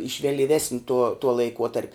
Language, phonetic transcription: Lithuanian, iš velyˈvesni tuo tuo laiˈkuotarp'

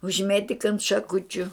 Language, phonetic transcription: Lithuanian, užˈmėtik ant šaˈkučiu

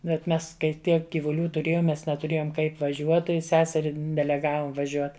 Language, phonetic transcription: Lithuanian, bet ˈmes kai ˈtiek gyvuˈlių tuˈrėjom ˈmes netuˈrėjom ˈkaip vaˈžiuot tai ˈseseri deleˈgavom vaˈžiuot

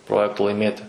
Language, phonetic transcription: Lithuanian, ˈprojekto laiˈmėti

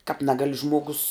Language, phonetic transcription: Lithuanian, kāp ˈnegali ˈžmogus

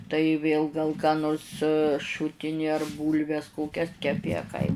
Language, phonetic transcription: Lithuanian, tai ˈvėl gal ką ˈnors ˈšutini ar ˈbūlves ˈkokias keˈpi a kai

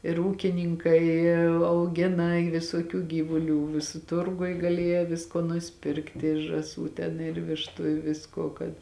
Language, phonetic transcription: Lithuanian, ir ˈūkiˌnynkai auˈgina i visuoˈkių ˈgyvuˌlių viˈsu ˈturguj ˈgalieja ˈvisko nusiˈpirkti žąˈsų ten ir ˈvištu i ˈviskuo kad

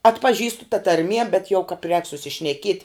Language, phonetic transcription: Lithuanian, atpaˈžįstu ta tarˈmie bet jau kap rēk susišneˈkieti

